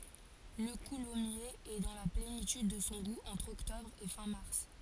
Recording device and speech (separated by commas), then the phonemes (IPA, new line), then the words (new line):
forehead accelerometer, read sentence
lə kulɔmjez ɛ dɑ̃ la plenityd də sɔ̃ ɡu ɑ̃tʁ ɔktɔbʁ e fɛ̃ maʁs
Le coulommiers est dans la plénitude de son goût entre octobre et fin mars.